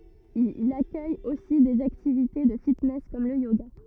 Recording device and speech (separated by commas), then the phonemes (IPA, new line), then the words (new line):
rigid in-ear microphone, read sentence
il akœj osi dez aktivite də fitnɛs kɔm lə joɡa
Il accueille aussi des activités de fitness comme le yoga.